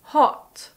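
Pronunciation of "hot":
'hot' is said in standard British English, and its vowel is a short monophthong.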